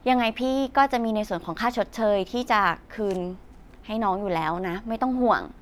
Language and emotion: Thai, neutral